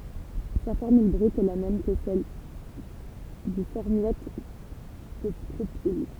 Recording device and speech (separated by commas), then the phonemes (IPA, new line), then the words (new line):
temple vibration pickup, read sentence
sa fɔʁmyl bʁyt ɛ la mɛm kə sɛl dy fɔʁmjat də pʁopil
Sa formule brute est la même que celle du formiate de propyle.